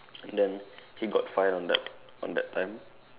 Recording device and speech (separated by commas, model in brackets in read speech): telephone, conversation in separate rooms